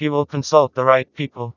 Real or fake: fake